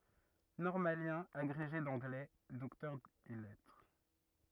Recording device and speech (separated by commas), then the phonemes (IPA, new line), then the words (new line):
rigid in-ear microphone, read sentence
nɔʁmaljɛ̃ aɡʁeʒe dɑ̃ɡlɛ dɔktœʁ ɛs lɛtʁ
Normalien, agrégé d'anglais, docteur ès lettres.